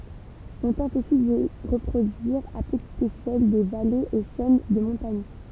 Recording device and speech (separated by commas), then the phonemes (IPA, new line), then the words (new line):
temple vibration pickup, read sentence
ɔ̃ tɑ̃t osi di ʁəpʁodyiʁ a pətit eʃɛl de valez e ʃɛn də mɔ̃taɲ
On tente aussi d'y reproduire à petite échelle des vallées et chaînes de montagnes.